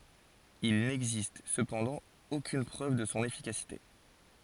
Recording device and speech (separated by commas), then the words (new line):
forehead accelerometer, read sentence
Il n'existe cependant aucune preuve de son efficacité.